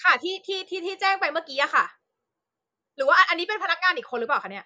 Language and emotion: Thai, angry